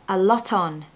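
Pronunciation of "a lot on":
In 'a lot on', the t at the end of 'lot' is pronounced and blends 'lot' into 'on'.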